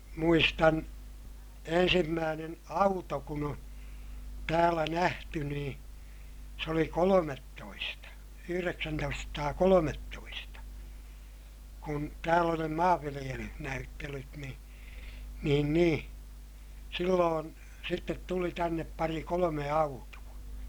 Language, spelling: Finnish, muistan ensimmäinen auto kun on täällä nähty niin se oli kolmetoista yhdeksäntoistasataakolmetoista kun täällä oli ne - maanviljelysnäyttelyt niin niin niin silloin sitten tuli tänne pari kolme autoa
- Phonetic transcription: muistan , ensimmäänen auto kun ‿o , täälä nähty nii , se oli kolomettoista , yhyreksäntoistasataakolomettoista , kun tääl ‿oli ne maavviliʲelyh- , -näyttelyt ni , niin nii , silloon , sittet tuli tännep pari kolome autu₍a .

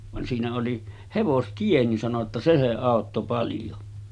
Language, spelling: Finnish, vaan siinä oli hevostie niin sanoi jotta se se auttoi paljon
- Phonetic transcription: van siinä oli , 'hevostie nin sano ‿tta » 'se se 'àotto paljo « .

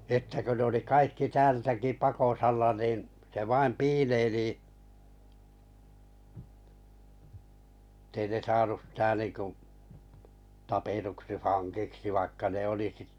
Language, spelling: Finnish, sitten kun ne oli kaikki täältäkin pakosalla niin se vain piileili että ei ne saanut sitä niin kuin tapetuksi vangiksi vaikka ne oli -
- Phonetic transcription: sⁱtte kö ne oli 'kaikki 'täältäki 'pakosalla niin , se 'vaim "piileilì , [et]tei ne 'saanu sⁱtä nìku , 'tapetuksi 'faŋkiksi vaikka ne 'oli sit- , .

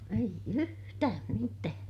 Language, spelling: Finnish, ei yhtään mitään
- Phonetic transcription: eij ‿yhtääm mitää .

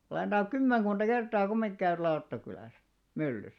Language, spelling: Finnish, olen tainnut kymmenkunta kertaa kumminkin käydä Lauttakylässä myllyssä
- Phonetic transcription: olèn taiŋk "kummeŋɢunᴅa 'kertaa kummiŋɢⁱ 'käyr 'Lauttakylä̀s , "myllys .

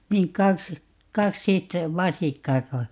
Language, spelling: Finnish, niin kaksi - vasikkaako
- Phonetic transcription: 'niin "kaks , 'kaksit- , "vasikkaako ?

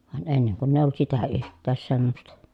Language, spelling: Finnish, vaan ennen kun ei ollut sitä yhtään semmoista
- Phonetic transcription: van enneŋ kunn ‿èij ‿ollᵘt sitä yht̆tääs semmosta .

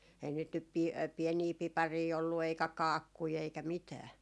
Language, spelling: Finnish, äi niitä nyt - pieniä pipareita ollut eikä kaakkuja eikä mitään
- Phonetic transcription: äin niit nyp pi- 'piɛnii 'piparii ollu eikä "kaakkui eikä 'mitää .

